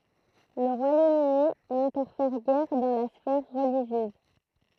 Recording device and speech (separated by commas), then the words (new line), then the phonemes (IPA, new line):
throat microphone, read sentence
Le Royaume-Uni n'interfère guère dans la sphère religieuse.
lə ʁwajom yni nɛ̃tɛʁfɛʁ ɡɛʁ dɑ̃ la sfɛʁ ʁəliʒjøz